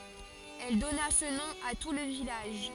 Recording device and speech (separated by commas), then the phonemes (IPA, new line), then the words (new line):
forehead accelerometer, read sentence
ɛl dɔna sə nɔ̃ a tu lə vilaʒ
Elle donna ce nom à tout le village.